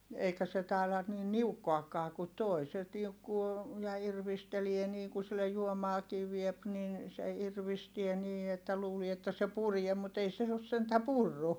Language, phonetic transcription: Finnish, eikä se tài̮la niin niukkoakkaa ku toi - se niukkuu , ja irvistelie niiŋ ku sillej juomaakii viep nin , se irvistie nii että luulie että se purie mut ei os sentä purru .
- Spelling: eikä se taida niin niukkoakaan kuin tuo se niukkoo ja irvistelee niin kun sille juomaakin vie niin se irvistää niin että luulee että se puree mutta ei ole sentään purrut

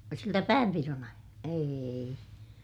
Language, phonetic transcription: Finnish, siltä päämpiron ‿aija- , eei .
- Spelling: siltä päänpidon - ei

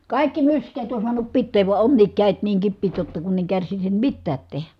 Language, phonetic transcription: Finnish, kàikki mysk̀eet on suanup pitteev vua onniik kä̀et niiŋ kippiit jotta kunn ‿eŋ kärsisim mittäät tehä .
- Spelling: kaikki myskeet on saanut pitää vaan onkin kädet niin kipeät jotta kun en kärsisi mitään tehdä

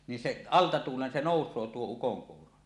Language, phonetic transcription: Finnish, ni 'seˀ , 'alta tuulen se 'nòus̀oo 'tuo 'ukoŋkuuro .
- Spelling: niin se alta tuulen se nousee tuo ukonkuuro

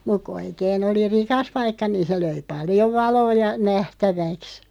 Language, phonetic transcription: Finnish, 'muᵏ ku 'oikeen ‿oli "rikas 'paikka niin̬ se 'löi "paljoᵛ 'valoo ja , 'nähtäväks .
- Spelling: mutta kun oikein oli rikas paikka niin se löi paljon valoa ja nähtäväksi

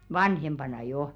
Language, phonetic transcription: Finnish, "vanhempana 'joʰ .
- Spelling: vanhempana jo

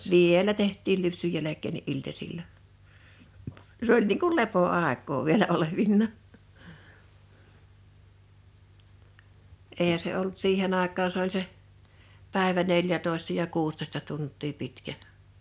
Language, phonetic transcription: Finnish, vielä 'tehttiil 'lypsyj 'jäläk̆keenni '’iltasilla , 's ‿oĺ niiŋ kul "lepo₍àek̀oo vielä 'olevinnà , 'èihä se ollᵘt 'siihen ‿àek̀aan 's ‿oĺ se , pä̀evä 'neljätòesta ja 'kuustoᵉsta 'tunt̀ii 'pitkä .
- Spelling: vielä tehtiin lypsyn jälkeenkin iltasilla se oli niin kuin lepoaikaa vielä olevinaan eihän se ollut siihen aikaan se oli se päivä neljätoista ja kuusitoista tuntia pitkä

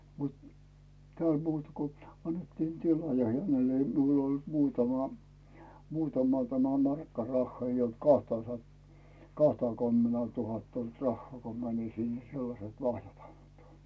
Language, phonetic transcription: Finnish, mut , tᵉä̀l 'muutᴀ ko , 'annettiin tila ja 'hänel ‿ei miul ‿ol muutama , muutama tämä "markka 'rahhaa , ei olt kahta sat- , 'kahtaky̬̬mmenää tuhatta olt 'rahhᵒà ko mänin sinnᴀ̈ 'sellaset "lahjat ᴀɴtᴏ .
- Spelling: mutta täällä muuta kuin annettiin tila ja hänelle ei minulla oli muutama muutama tämä markka rahaa ei ollut kahta - kahtakymmentä tuhatta ollut rahaa kun menin sinne sellaiset lahjat antoi

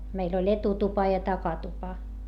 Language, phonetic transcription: Finnish, meil ‿oĺ etutupa ja takatupa .
- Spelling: meillä oli etutupa ja takatupa

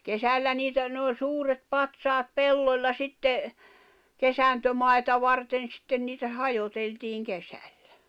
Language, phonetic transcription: Finnish, kesällä niitä , ne oĺ "suuret "patsaat "pelloĺla 'sitte , "kesäntömaeta 'varten sitten niitä 'hajoteltiiŋ 'kesälʟᴀ̈ .
- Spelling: kesällä niitä ne oli suuret patsaat pellolla sitten kesantomaata varten sitten niitä hajoteltiin kesällä

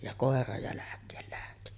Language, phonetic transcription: Finnish, ja 'kòera 'jäläk̆keel lähti .
- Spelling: ja koira jälkeen lähti

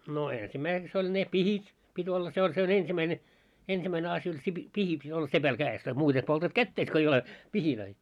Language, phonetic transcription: Finnish, no "eensimäiseks ‿oĺ ne "pihit , 'pit́ olla se oĺ se on 'ensimäine , 'ensimäine asj ‿oĺ se pi- 'pihi pit́ olla "sepäl 'kää₍es tai muute poltat "kätteis ko ei ole , 'pihilöi .
- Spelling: no ensimmäiseksi oli ne pihdit piti olla se oli se on ensimmäinen ensimmäinen asia oli se - pihti piti olla sepällä kädessä tai muuten poltat kätesi kun ei ole pihejä

